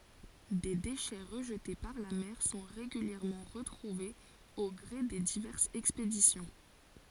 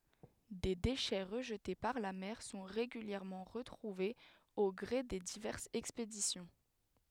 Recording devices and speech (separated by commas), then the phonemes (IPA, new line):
forehead accelerometer, headset microphone, read sentence
de deʃɛ ʁəʒte paʁ la mɛʁ sɔ̃ ʁeɡyljɛʁmɑ̃ ʁətʁuvez o ɡʁe de divɛʁsz ɛkspedisjɔ̃